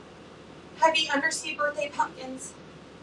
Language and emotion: English, fearful